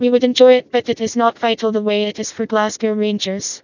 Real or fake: fake